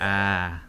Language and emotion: Thai, neutral